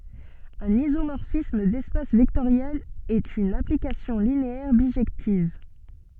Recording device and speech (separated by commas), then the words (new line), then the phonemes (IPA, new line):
soft in-ear microphone, read sentence
Un isomorphisme d'espaces vectoriels est une application linéaire bijective.
œ̃n izomɔʁfism dɛspas vɛktoʁjɛlz ɛt yn aplikasjɔ̃ lineɛʁ biʒɛktiv